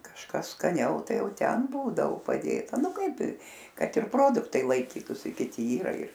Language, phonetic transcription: Lithuanian, kažˈkas skaˈniau ˈtai ˈjau ˈten ˈbūdao paˈdėta ˈnu ˈkaip i ˈkad ir ˈproduktai laiˈkytusi kiˈti ˈyra ir

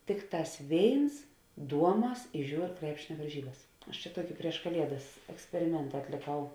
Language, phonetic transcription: Lithuanian, ˈtikˌtās ˈvėins ˈduoˌmas i ˈžiūr ˈkrepšinia varˈžybas aš čia ˈtuoki prieš kaˈliedas eksperiˈmenta atliˈkau

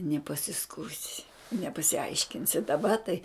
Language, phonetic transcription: Lithuanian, nepasisˈkųsi nepasiˈaiškinsi daˈba tai

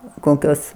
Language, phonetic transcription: Lithuanian, ˈkokios

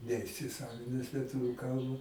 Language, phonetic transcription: Lithuanian, neisiˈsavines lieˈtuviu ˈkalba

